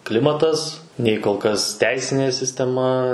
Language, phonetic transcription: Lithuanian, ˈklimatas ˈnei kol ˈkas ˈteisinė sisteˈma

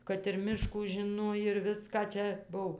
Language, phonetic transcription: Lithuanian, kad ir ˈmiškų žiˈnoj ir ˈviską ˈčia ˈbuv

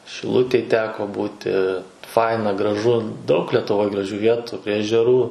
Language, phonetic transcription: Lithuanian, šiˈlutėj ˈteko ˈbūti ˈfaina graˈžu daug lietuˈvoj graˈžių ˈvietu prie ežeˈrų

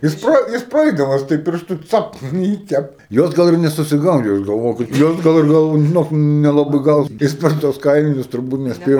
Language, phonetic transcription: Lithuanian, jis ˈpra jis praˈaidamas taip pirˈštu ˈcapt in ˈjį ˈtep ˈjos ˈgal ir nesusiˈgaudė jos galˈvojo ˈkad ˈjos gal ir ˈgal žiˈnok nelaˈbɨi ˈgal ˈjis per ˈtuos ˈkailinius turˈbūt nesˈpėjo

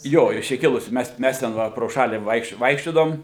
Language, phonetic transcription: Lithuanian, ˈjo iš ˈčia ˈkilusi ˈmes ˈmes ten ˈva pro ˈšalį ˈvaikš ˈvaikščiodavom

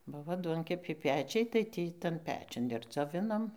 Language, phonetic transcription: Lithuanian, ˈbuvo ˈduonkepiai ˈpečiai tai ˈtį ˈtan ˈpečiun ir dzoˈvinom

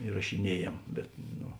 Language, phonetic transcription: Lithuanian, irašiˈniejėm ˈbet no

